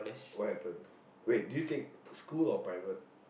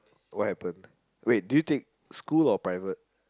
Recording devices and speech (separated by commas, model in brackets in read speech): boundary microphone, close-talking microphone, conversation in the same room